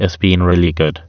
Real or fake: fake